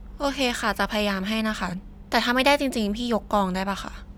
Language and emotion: Thai, frustrated